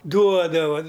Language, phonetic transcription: Lithuanian, ˈduodava

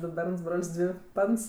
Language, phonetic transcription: Lithuanian, ˈdu ˈberns ˈbrol's' ˈdvi ˈpans

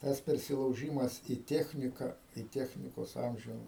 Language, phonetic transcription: Lithuanian, ˈtas persilauˈžymas į ˈtechnika į ˈtechnikos ˈamžiu

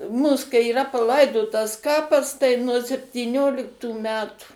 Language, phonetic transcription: Lithuanian, ˈmūs kai yˈra paˈlaidotas ˈkapas tai nuo septyˈnioliktų ˈmetų

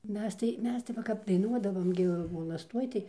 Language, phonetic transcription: Lithuanian, ˈmes tai ˈmes tai va kap daiˈnuodavom gi volasˈtuoj tai

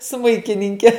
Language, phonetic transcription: Lithuanian, ˈsmuikininke

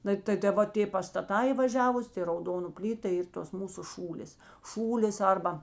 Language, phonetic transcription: Lithuanian, ˈnai ta ta ˈva tė pastaˈtā į vaˈžiavus ti rauˈdonu ˈplyta ta ˈyr tos ˈmūsu ˈšūlės ˈšūlės ˈarba

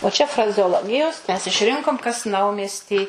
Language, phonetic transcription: Lithuanian, o čia frazeoˈlogijos mes išˈrinkom kas ˈnaumiesty

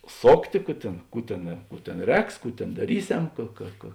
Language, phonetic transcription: Lithuanian, ˈsoktė ˈkų tėn ˈkų tėn ˈkų tėn ˈrēks ˈkų tėn daˈryˌsem ˈka ka ka

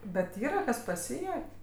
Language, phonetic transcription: Lithuanian, ˈbet ˈyra ˈkas paˈsyjuok'

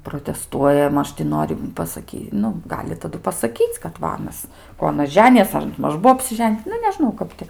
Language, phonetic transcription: Lithuanian, proteˈstuoja ˈmaž ti ˈnori pasaˈky ˈnu ˈgali taˈdu pasaˈkyc' kad ˈva ˈanas ˈko aˈnas ˈženijas ar ˈmaž ˈbuo apsiˈžen' ˈnu neˈžnau ˈkap ti

